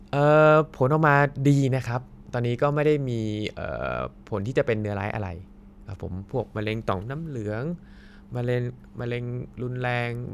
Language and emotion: Thai, neutral